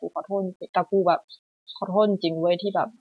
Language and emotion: Thai, sad